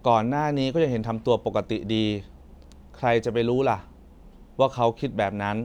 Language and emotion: Thai, neutral